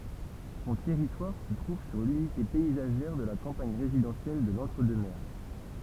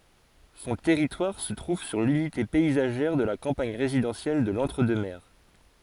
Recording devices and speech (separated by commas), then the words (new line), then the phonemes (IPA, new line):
temple vibration pickup, forehead accelerometer, read sentence
Son territoire se trouve sur l'unité paysagère de la campagne résidentielle de l'Entre-Deux-Mers.
sɔ̃ tɛʁitwaʁ sə tʁuv syʁ lynite pɛizaʒɛʁ də la kɑ̃paɲ ʁezidɑ̃sjɛl də lɑ̃tʁ dø mɛʁ